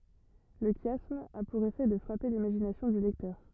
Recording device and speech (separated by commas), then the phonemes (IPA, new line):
rigid in-ear microphone, read sentence
lə ʃjasm a puʁ efɛ də fʁape limaʒinasjɔ̃ dy lɛktœʁ